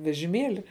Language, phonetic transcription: Lithuanian, vežiˈmėli

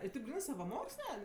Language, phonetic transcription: Lithuanian, i tėp ˈgrynɜ savaˈmoksle

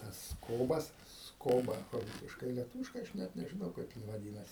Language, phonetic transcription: Lithuanian, ˈtas ˈskobas ˈskoba ˈrūsiškai lieˈtūviškai ˈaš ˈnet nežiˈnau ˈkaip jin vaˈdynasi

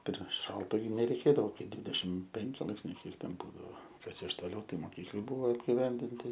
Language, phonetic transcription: Lithuanian, per ˈšalta nereiˈkėdavo ˈkai ˈdvydešimt ˈpenki ˈlaipsniai ˈkiek ˈten ˈbūdao ˈkas iš toˈliau ˈtai moˈkyklɨ ˈbuvo apgiˈvendinti

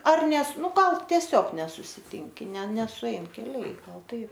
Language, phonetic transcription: Lithuanian, ar ˈnes ˈnu ˈgal tieˈsiog nesusiˈtinki ne nesuˈein keˈliai ˈgal ˈtaip

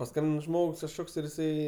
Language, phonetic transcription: Lithuanian, paˈskambin ˈžmogs kažˈkoks ir jiˈsai

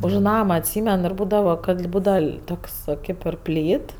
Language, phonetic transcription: Lithuanian, už ˈnama atˈsymen ir ˈbūdava kad ˈbūdava ˈtoks ˈkaip ir ˈplyt

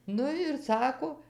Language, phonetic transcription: Lithuanian, ˈnu ir ˈsako

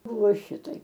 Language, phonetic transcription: Lithuanian, ˈbuvo ˈšitaip

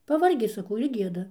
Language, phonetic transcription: Lithuanian, paˈvargi saˈkau ir ˈgieda

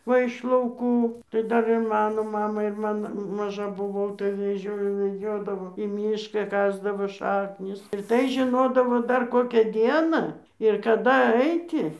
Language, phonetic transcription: Lithuanian, ˈva iš lauˈkų tai ˈdar ir ˈmano ˈmamai ir ˈman maˈža buˈvau tai veˈžiojo veˈdžiodavo į ˈmyšką ˈkasdavo ˈšaknis ir ˈtai žiˈnodavo ˈdar ˈkokią ˈdieną ir kaˈda ˈaiti

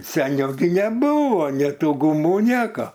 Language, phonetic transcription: Lithuanian, seˈniau gi neˈbūvo nė ˈtu guˈmų ˈnieko

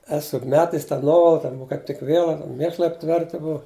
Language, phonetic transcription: Lithuanian, ˈesu juk ˈmetes ta ˈnuovala ˈten uo kaip ˈtik ˈviela ten ˈmėšlai apˈtverti ˈbua

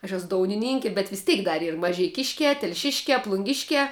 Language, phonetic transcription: Lithuanian, aš ˈesu ˈdounininki bet vis ˈteik dar ˈyr mažeiˈkiškiā telˈšiškiā plunˈgiškiā

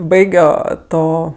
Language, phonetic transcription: Lithuanian, ˈbaigio ˈto

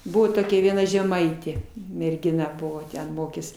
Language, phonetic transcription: Lithuanian, ˈbuvo toˈkia vieˈna žeˈmaitė mergiˈna ˈbuvo ten ˈmokės

